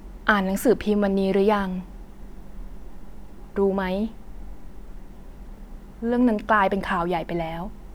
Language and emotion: Thai, frustrated